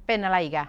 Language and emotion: Thai, frustrated